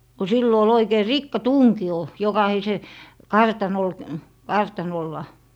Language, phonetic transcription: Finnish, ko 'sillo 'ol 'oikei "rikka'tuŋki₍o , 'jokahise , "kartanol , 'kartanolla .
- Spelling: kun silloin oli oikein rikkatunkio jokaisen kartanolla kartanolla

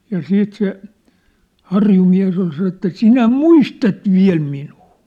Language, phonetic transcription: Finnish, ja 'siit se , 'harjumiä̭s ‿ol sanon ‿ᵉt̆tä » "sinä "muistat 'viä̭l 'minuu ! «
- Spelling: ja sitten se harjumies oli sanonut että sinä muistat vielä minua

